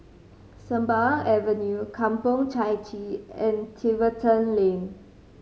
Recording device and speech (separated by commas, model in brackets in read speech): mobile phone (Samsung C5010), read sentence